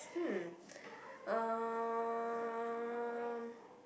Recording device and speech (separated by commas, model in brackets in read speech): boundary microphone, conversation in the same room